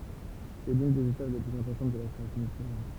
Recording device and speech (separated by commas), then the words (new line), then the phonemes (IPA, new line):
temple vibration pickup, read sentence
C'est l'une des étapes les plus importantes de la création d'un programme.
sɛ lyn dez etap le plyz ɛ̃pɔʁtɑ̃t də la kʁeasjɔ̃ dœ̃ pʁɔɡʁam